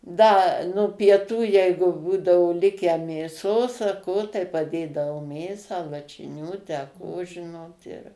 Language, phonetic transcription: Lithuanian, ˈda nu pieˈtų ˈjeigu ˈbūdao ˈlikę mėˈsos a ˈko tai paˈdėdavoˈmėsą lašiˈnių ˈtę ˈko ˈžinot ir

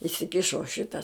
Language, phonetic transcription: Lithuanian, isiˈkišo ˈšita

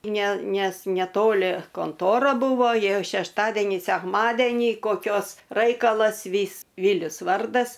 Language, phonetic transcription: Lithuanian, ˈne ˈnes neˈtoli konˈtora ˈbuvo ˈjie šešˈtadenį sekˈmadenį koˈkios ˈraikalas ˈvys ˈvylius ˈvardas

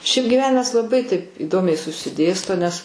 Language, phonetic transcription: Lithuanian, šiaip giˈvenimas laˈbai taip įˈdomiai susiˈdėsto nes

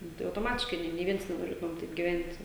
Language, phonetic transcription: Lithuanian, ˈnu tai autoˈmatiškai ˈnė nė ˈviens nenoˈrėtumem ˈtaip giˈvent'

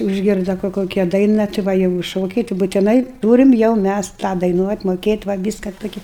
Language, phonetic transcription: Lithuanian, užˈgirda kur ˈkokia ˈdaina ti ˈva jau i ˈšokiai ti butiˈnai ˈtūrim jau ˈmæs tą daiˈnuot' moˈkėt' va ˈvyska ˈtokia

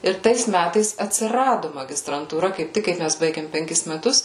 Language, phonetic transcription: Lithuanian, ir ˈtais ˈmætais atsiˈradu magistrantūˈra kaip ˈtik kai ˈmæs ˈbaigėm penˈkis meˈtus

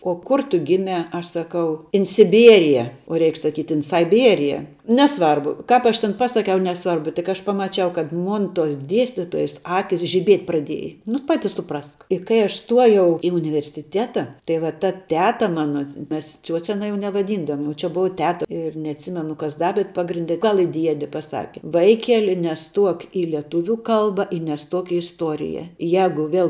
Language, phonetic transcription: Lithuanian, o ˈkur ˈtu ˈgimia ˈaš saˈkau in siˈbierije o ˈreik saˈkyt' in saiˈbierije neˈsvarbu ˈkāp ˈaš ten ˈpasaˌkiau neˈsvarbu tik ˈaš ˈpamaˌčiau kad ˈmon ˈtuos ˈdiestitojas ˈakis žiˈbiet' praˈdieja nu ˈpati suˈprask i kai ˈaš ˈstuojau i universiˈtėta tai ˈva ta ˈteta ˈmana ˈmes ˈciuoce aˈna jau nevaˈdyndavom jau čia ˈbuva ˈteta ir neatˈsimenu kas ˈda bet ˈpagrinde ˈgal i ˈdiedi paˈsaki ˈvaikeli neˈstuok i lieˈtuviu ˈkalba i neˈstuok i isˈtuorija ˈjagu vel

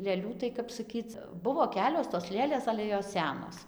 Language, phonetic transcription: Lithuanian, lėˈlių tai kap saˈkyc ˈbuvo ˈkelios tos ˈlėlės ˈale jos ˈsenos

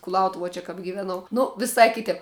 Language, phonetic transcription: Lithuanian, kulauˈtuvuo čia kap giveˈnau ˈnu viˈsai ˈkitep

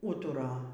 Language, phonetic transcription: Lithuanian, ˈūtura

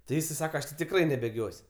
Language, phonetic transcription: Lithuanian, ti ˈjis i ˈsaka ˈaš ti tikˈrai nebėˈgios'

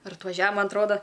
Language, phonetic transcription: Lithuanian, ir atvaˈžia ˈman atˈroda

